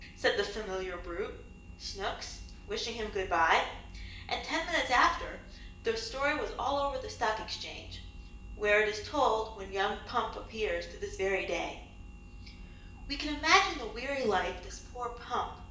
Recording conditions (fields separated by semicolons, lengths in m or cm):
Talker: one person; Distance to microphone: 1.8 m; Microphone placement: close; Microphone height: 1.0 m; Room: large; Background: none